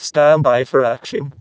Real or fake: fake